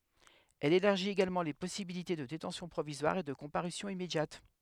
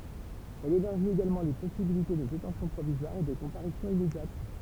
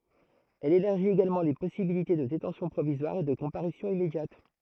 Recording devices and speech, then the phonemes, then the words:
headset microphone, temple vibration pickup, throat microphone, read sentence
ɛl elaʁʒit eɡalmɑ̃ le pɔsibilite də detɑ̃sjɔ̃ pʁovizwaʁ e də kɔ̃paʁysjɔ̃ immedjat
Elle élargit également les possibilités de détention provisoire et de comparution immédiate.

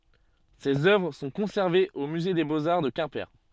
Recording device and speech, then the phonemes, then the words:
soft in-ear microphone, read sentence
sez œvʁ sɔ̃ kɔ̃sɛʁvez o myze de boz aʁ də kɛ̃pe
Ces œuvres sont conservées au musée des beaux-arts de Quimper.

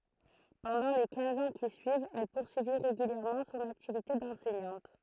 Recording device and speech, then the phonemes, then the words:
throat microphone, read sentence
pɑ̃dɑ̃ le kɛ̃z ɑ̃ ki syivt ɛl puʁsyi ʁeɡyljɛʁmɑ̃ sɔ̃n aktivite dɑ̃sɛɲɑ̃t
Pendant les quinze ans qui suivent, elle poursuit régulièrement son activité d'enseignante.

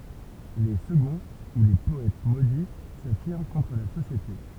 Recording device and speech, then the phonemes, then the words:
temple vibration pickup, read sentence
le səɡɔ̃ u le pɔɛt modi safiʁm kɔ̃tʁ la sosjete
Les seconds ou les Poètes Maudits s'affirment contre la société.

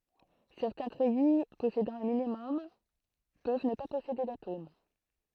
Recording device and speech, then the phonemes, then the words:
throat microphone, read sentence
sɛʁtɛ̃ tʁɛji pɔsedɑ̃ œ̃ minimɔm pøv nə pa pɔsede datom
Certains treillis possédant un minimum peuvent ne pas posséder d'atomes.

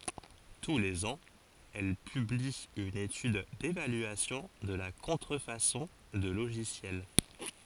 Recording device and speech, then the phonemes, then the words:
forehead accelerometer, read sentence
tu lez ɑ̃z ɛl pybli yn etyd devalyasjɔ̃ də la kɔ̃tʁəfasɔ̃ də loʒisjɛl
Tous les ans, elle publie une étude d'évaluation de la contrefaçon de logiciel.

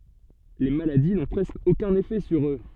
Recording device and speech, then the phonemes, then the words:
soft in-ear microphone, read sentence
le maladi nɔ̃ pʁɛskə okœ̃n efɛ syʁ ø
Les maladies n'ont presque aucun effet sur eux.

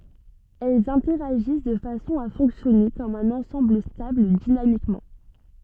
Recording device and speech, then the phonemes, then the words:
soft in-ear microphone, read sentence
ɛlz ɛ̃tɛʁaʒis də fasɔ̃ a fɔ̃ksjɔne kɔm œ̃n ɑ̃sɑ̃bl stabl dinamikmɑ̃
Elles interagissent de façon à fonctionner comme un ensemble stable dynamiquement.

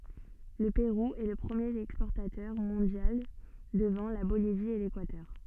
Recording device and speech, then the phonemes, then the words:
soft in-ear microphone, read sentence
lə peʁu ɛ lə pʁəmjeʁ ɛkspɔʁtatœʁ mɔ̃djal dəvɑ̃ la bolivi e lekwatœʁ
Le Pérou est le premier exportateur mondial devant la Bolivie et l'Équateur.

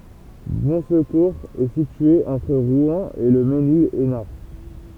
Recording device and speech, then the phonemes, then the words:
temple vibration pickup, read sentence
bɔ̃skuʁz ɛ sitye ɑ̃tʁ ʁwɛ̃ e lə menil ɛsnaʁ
Bonsecours est située entre Rouen et Le Mesnil-Esnard.

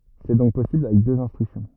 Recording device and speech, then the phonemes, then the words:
rigid in-ear microphone, read sentence
sɛ dɔ̃k pɔsibl avɛk døz ɛ̃stʁyksjɔ̃
C'est donc possible avec deux instructions.

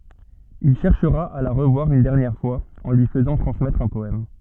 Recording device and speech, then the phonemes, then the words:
soft in-ear microphone, read sentence
il ʃɛʁʃʁa a la ʁəvwaʁ yn dɛʁnjɛʁ fwaz ɑ̃ lyi fəzɑ̃ tʁɑ̃smɛtʁ œ̃ pɔɛm
Il cherchera à la revoir une dernière fois, en lui faisant transmettre un poème.

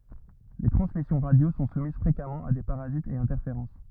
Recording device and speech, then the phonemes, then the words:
rigid in-ear microphone, read sentence
le tʁɑ̃smisjɔ̃ ʁadjo sɔ̃ sumiz fʁekamɑ̃ a de paʁazitz e ɛ̃tɛʁfeʁɑ̃s
Les transmissions radio sont soumises fréquemment à des parasites et interférences.

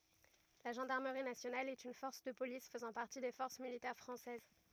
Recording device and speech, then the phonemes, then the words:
rigid in-ear microphone, read sentence
la ʒɑ̃daʁməʁi nasjonal ɛt yn fɔʁs də polis fəzɑ̃ paʁti de fɔʁs militɛʁ fʁɑ̃sɛz
La Gendarmerie nationale est une force de police faisant partie des forces militaires française.

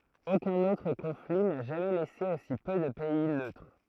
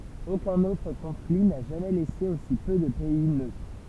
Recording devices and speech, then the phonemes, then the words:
throat microphone, temple vibration pickup, read sentence
okœ̃n otʁ kɔ̃fli na ʒamɛ lɛse osi pø də pɛi nøtʁ
Aucun autre conflit n'a jamais laissé aussi peu de pays neutres.

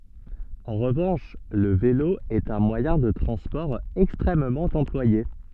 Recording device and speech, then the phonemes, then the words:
soft in-ear microphone, read sentence
ɑ̃ ʁəvɑ̃ʃ lə velo ɛt œ̃ mwajɛ̃ də tʁɑ̃spɔʁ ɛkstʁɛmmɑ̃ ɑ̃plwaje
En revanche, le vélo est un moyen de transport extrêmement employé.

